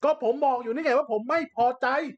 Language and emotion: Thai, angry